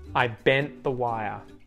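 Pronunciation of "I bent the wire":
In 'bent', the t after the n is muted.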